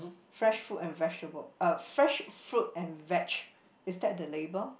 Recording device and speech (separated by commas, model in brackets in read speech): boundary microphone, conversation in the same room